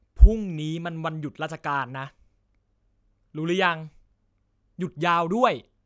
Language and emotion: Thai, frustrated